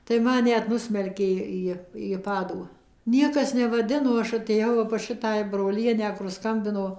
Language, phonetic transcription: Lithuanian, tai ˈman ˈnet ˈnusmelkė ˈį į ˈpadų ˈniekas nevaˈdino ˈaš atėˈjau ˈva pas ˈšitąj broˈlienę kur ˈskambino

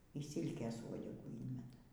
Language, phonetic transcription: Lithuanian, y ˈsylkės ˈvuodegų ˈynmeta

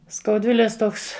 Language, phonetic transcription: Lithuanian, skauˈdvilės ˈtoks

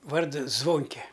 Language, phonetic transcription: Lithuanian, ˈvardu ˈzvonke

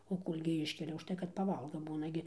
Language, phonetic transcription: Lithuanian, o ˈkolgi ˈiškelia užˈtai kad ˈpaˈvalga ˈbūna gi

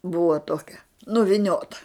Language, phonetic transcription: Lithuanian, ˈbuva ˈtokia nuviˈniota

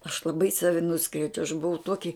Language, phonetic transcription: Lithuanian, aš laˈbai ˈsavi ˈnuskriaudžiau aš buˈvau ˈtuoki

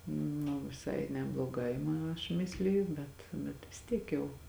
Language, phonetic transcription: Lithuanian, nu viˈsai nebloˈgai ma aš ˈmisliju ˈbet bet vis ˈtiek jau

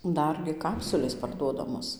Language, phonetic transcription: Lithuanian, ˈdargi ˈkapsulės parˈduodamos

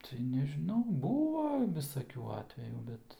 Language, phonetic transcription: Lithuanian, tai nežiˈnau ˈbūva visaˈkių ˈatvejų ˈbet

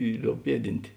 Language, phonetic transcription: Lithuanian, i ˈlioub ˈpieˌdint'

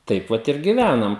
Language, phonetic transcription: Lithuanian, ˈtaip vat ir giˈvænam

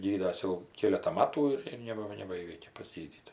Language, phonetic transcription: Lithuanian, ˈgydas jau ˈkėleta ˈmatų ir ir ˈneba nebaˈįveikė tik paˈsgydydavo

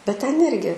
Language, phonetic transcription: Lithuanian, bet ten ˈirgi

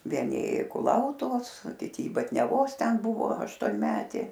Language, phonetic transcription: Lithuanian, vieˈni ˈėju i kuˈlautuvos o kiˈti i batniaˈvos ˈten ˈbuvo aštonˈmetė

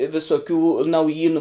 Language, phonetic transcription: Lithuanian, visoˈkių nauˈjynu

